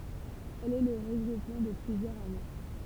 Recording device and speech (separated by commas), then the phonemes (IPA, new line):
temple vibration pickup, read sentence
ɛl ɛ lə ʁəɡʁupmɑ̃ də plyzjœʁz amo